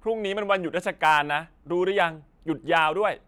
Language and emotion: Thai, frustrated